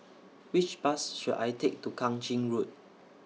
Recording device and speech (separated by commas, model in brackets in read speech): mobile phone (iPhone 6), read sentence